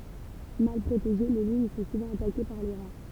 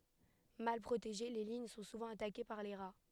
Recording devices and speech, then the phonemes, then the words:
temple vibration pickup, headset microphone, read sentence
mal pʁoteʒe le liɲ sɔ̃ suvɑ̃ atake paʁ le ʁa
Mal protégées, les lignes sont souvent attaquées par les rats.

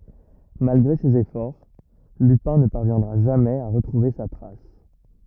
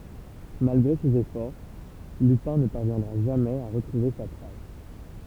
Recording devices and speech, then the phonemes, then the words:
rigid in-ear microphone, temple vibration pickup, read sentence
malɡʁe sez efɔʁ lypɛ̃ nə paʁvjɛ̃dʁa ʒamɛz a ʁətʁuve sa tʁas
Malgré ses efforts, Lupin ne parviendra jamais à retrouver sa trace.

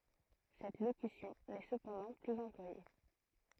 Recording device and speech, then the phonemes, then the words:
throat microphone, read sentence
sɛt lokysjɔ̃ nɛ səpɑ̃dɑ̃ plyz ɑ̃plwaje
Cette locution n'est cependant plus employée.

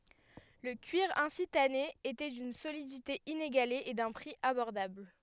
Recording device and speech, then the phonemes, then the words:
headset microphone, read sentence
lə kyiʁ ɛ̃si tane etɛ dyn solidite ineɡale e dœ̃ pʁi abɔʁdabl
Le cuir ainsi tanné était d'une solidité inégalée et d'un prix abordable.

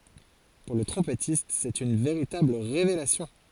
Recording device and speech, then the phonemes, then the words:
forehead accelerometer, read sentence
puʁ lə tʁɔ̃pɛtist sɛt yn veʁitabl ʁevelasjɔ̃
Pour le trompettiste, c'est une véritable révélation.

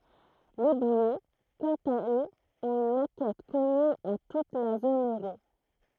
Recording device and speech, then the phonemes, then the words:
throat microphone, read sentence
le bijɛ kɑ̃t a øz ɔ̃t yn makɛt kɔmyn a tut la zon øʁo
Les billets, quant à eux, ont une maquette commune à toute la zone euro.

